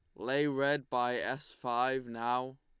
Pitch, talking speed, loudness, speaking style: 130 Hz, 150 wpm, -33 LUFS, Lombard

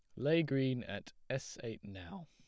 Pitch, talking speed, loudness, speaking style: 130 Hz, 175 wpm, -38 LUFS, plain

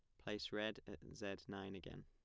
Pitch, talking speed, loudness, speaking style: 100 Hz, 195 wpm, -48 LUFS, plain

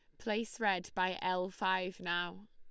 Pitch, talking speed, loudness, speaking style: 185 Hz, 155 wpm, -36 LUFS, Lombard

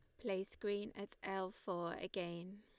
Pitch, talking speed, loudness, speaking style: 195 Hz, 155 wpm, -44 LUFS, Lombard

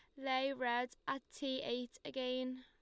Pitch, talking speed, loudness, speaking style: 255 Hz, 150 wpm, -40 LUFS, Lombard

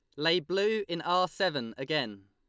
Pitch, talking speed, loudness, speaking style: 170 Hz, 175 wpm, -30 LUFS, Lombard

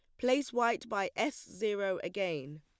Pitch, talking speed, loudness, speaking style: 215 Hz, 150 wpm, -34 LUFS, plain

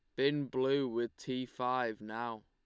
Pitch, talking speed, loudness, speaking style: 125 Hz, 160 wpm, -36 LUFS, Lombard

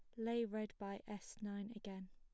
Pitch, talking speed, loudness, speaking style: 210 Hz, 190 wpm, -46 LUFS, plain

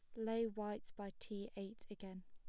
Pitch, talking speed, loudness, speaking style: 210 Hz, 175 wpm, -46 LUFS, plain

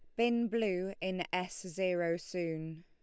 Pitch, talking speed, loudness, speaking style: 180 Hz, 135 wpm, -35 LUFS, Lombard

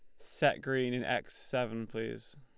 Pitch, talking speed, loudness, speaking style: 125 Hz, 165 wpm, -34 LUFS, Lombard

